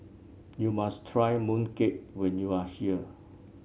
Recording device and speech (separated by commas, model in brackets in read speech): mobile phone (Samsung C7), read sentence